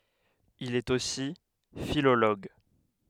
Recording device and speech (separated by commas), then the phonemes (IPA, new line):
headset microphone, read sentence
il ɛt osi filoloɡ